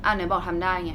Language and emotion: Thai, frustrated